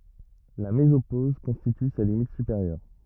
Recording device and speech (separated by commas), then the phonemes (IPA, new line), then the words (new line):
rigid in-ear microphone, read sentence
la mezopoz kɔ̃stity sa limit sypeʁjœʁ
La mésopause constitue sa limite supérieure.